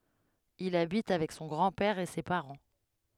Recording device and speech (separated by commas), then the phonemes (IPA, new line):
headset microphone, read sentence
il abit avɛk sɔ̃ ɡʁɑ̃ pɛʁ e se paʁɑ̃